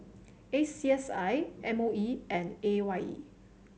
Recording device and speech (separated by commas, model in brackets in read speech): mobile phone (Samsung C7), read sentence